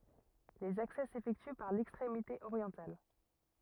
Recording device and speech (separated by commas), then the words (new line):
rigid in-ear microphone, read sentence
Les accès s'effectuent par l'extrémité orientale.